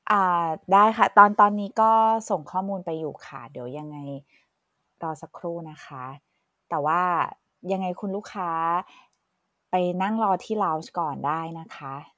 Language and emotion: Thai, neutral